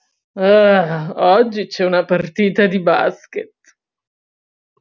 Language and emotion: Italian, disgusted